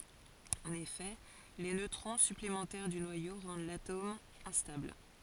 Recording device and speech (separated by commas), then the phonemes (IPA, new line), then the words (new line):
forehead accelerometer, read sentence
ɑ̃n efɛ le nøtʁɔ̃ syplemɑ̃tɛʁ dy nwajo ʁɑ̃d latom ɛ̃stabl
En effet, les neutrons supplémentaires du noyau rendent l'atome instable.